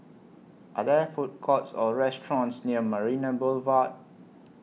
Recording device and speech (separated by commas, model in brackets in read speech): mobile phone (iPhone 6), read sentence